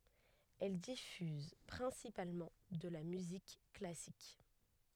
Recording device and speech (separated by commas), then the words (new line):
headset microphone, read sentence
Elle diffuse principalement de la musique classique.